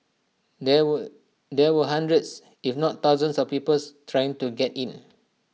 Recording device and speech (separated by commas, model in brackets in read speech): mobile phone (iPhone 6), read sentence